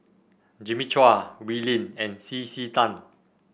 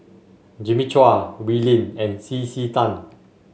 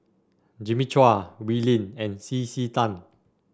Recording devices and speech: boundary microphone (BM630), mobile phone (Samsung S8), standing microphone (AKG C214), read sentence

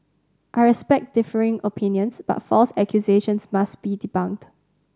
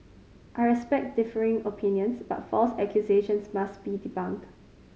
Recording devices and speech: standing microphone (AKG C214), mobile phone (Samsung C5010), read sentence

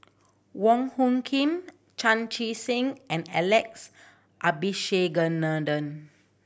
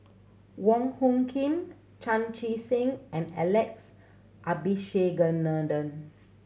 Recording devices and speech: boundary microphone (BM630), mobile phone (Samsung C7100), read sentence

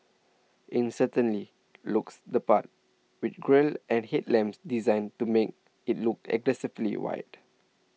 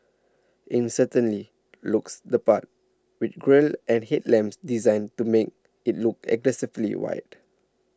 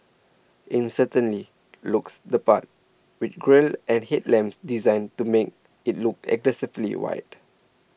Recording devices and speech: mobile phone (iPhone 6), standing microphone (AKG C214), boundary microphone (BM630), read sentence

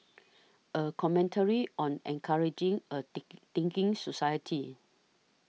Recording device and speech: mobile phone (iPhone 6), read sentence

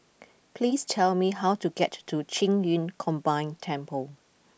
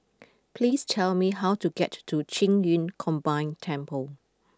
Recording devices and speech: boundary microphone (BM630), close-talking microphone (WH20), read sentence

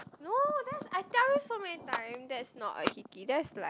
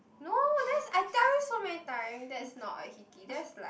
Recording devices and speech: close-talking microphone, boundary microphone, conversation in the same room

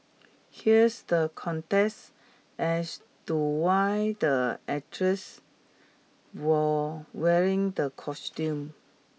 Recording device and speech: mobile phone (iPhone 6), read sentence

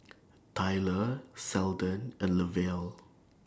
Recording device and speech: standing microphone (AKG C214), read sentence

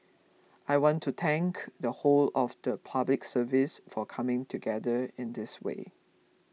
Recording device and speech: mobile phone (iPhone 6), read sentence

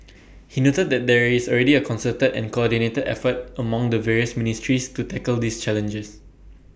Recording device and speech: boundary microphone (BM630), read sentence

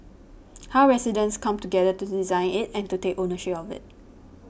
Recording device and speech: boundary microphone (BM630), read sentence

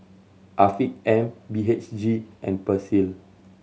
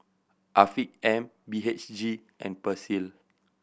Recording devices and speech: mobile phone (Samsung C7100), boundary microphone (BM630), read sentence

